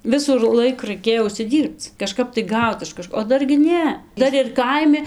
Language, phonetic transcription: Lithuanian, ˈvisų ir ˈlaik raiˈkėjo užsiˈdyrbc kaˈžkap tai ˈgaut iš kaˈžko o ˈdar gi ˈne ˈdar ir ˈkaimi

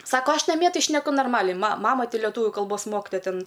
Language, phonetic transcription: Lithuanian, ˈsako ˈaš naˈmie ˈtai šneˈku norˈmaliai ma ˈmama ˈtai leˈtūviu kalˈbos ˈmoktoja ˈten

